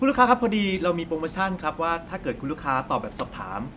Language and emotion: Thai, happy